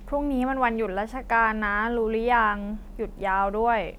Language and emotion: Thai, frustrated